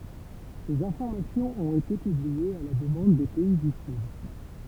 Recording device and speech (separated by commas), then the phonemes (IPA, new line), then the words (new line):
temple vibration pickup, read sentence
sez ɛ̃fɔʁmasjɔ̃z ɔ̃t ete pybliez a la dəmɑ̃d de pɛi dy syd
Ces informations ont été publiées à la demande des pays du sud.